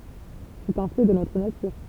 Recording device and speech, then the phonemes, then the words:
temple vibration pickup, read sentence
sɛt œ̃ fɛ də notʁ natyʁ
C'est un fait de notre nature.

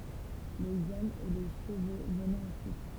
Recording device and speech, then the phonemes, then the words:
temple vibration pickup, read sentence
lez ɔmz e le ʃəvo vənɛt ɑ̃syit
Les hommes et les chevaux venaient ensuite.

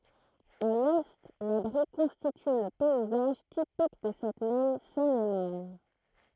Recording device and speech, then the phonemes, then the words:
throat microphone, read sentence
a lɛ la bʁi kɔ̃stity lə pɛizaʒ tipik də sɛt mɛm sɛnemaʁn
À l’Est, la Brie constitue le paysage typique de cette même Seine-et-Marne.

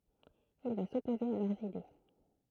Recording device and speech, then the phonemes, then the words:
throat microphone, read sentence
il va sɔpoze a lœʁz ide
Il va s'opposer à leurs idées.

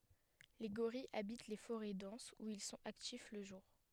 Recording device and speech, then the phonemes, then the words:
headset microphone, read sentence
le ɡoʁijz abit le foʁɛ dɑ̃sz u il sɔ̃t aktif lə ʒuʁ
Les gorilles habitent les forêts denses où ils sont actifs le jour.

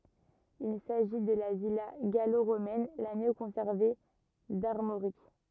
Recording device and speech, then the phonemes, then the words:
rigid in-ear microphone, read sentence
il saʒi də la vila ɡalo ʁomɛn la mjø kɔ̃sɛʁve daʁmoʁik
Il s'agit de la villa gallo-romaine la mieux conservée d'Armorique.

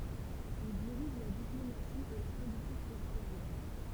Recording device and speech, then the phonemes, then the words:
temple vibration pickup, read sentence
il diʁiʒ la diplomasi e la politik ɛksteʁjœʁ
Il dirige la diplomatie et la politique extérieure.

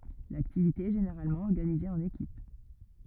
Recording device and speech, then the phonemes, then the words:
rigid in-ear microphone, read sentence
laktivite ɛ ʒeneʁalmɑ̃ ɔʁɡanize ɑ̃n ekip
L'activité est généralement organisée en équipes.

